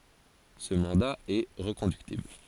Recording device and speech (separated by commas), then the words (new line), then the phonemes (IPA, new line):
forehead accelerometer, read sentence
Ce mandat est reconductible.
sə mɑ̃da ɛ ʁəkɔ̃dyktibl